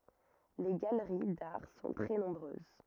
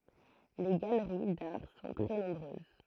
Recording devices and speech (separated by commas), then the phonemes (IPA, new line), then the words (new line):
rigid in-ear microphone, throat microphone, read sentence
le ɡaləʁi daʁ sɔ̃ tʁɛ nɔ̃bʁøz
Les galeries d'arts sont très nombreuses.